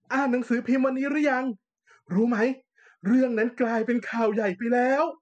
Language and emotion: Thai, happy